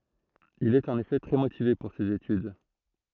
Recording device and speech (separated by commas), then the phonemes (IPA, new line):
throat microphone, read sentence
il ɛt ɑ̃n efɛ tʁɛ motive puʁ sez etyd